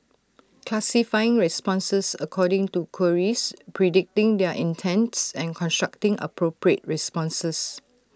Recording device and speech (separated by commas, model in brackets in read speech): standing microphone (AKG C214), read sentence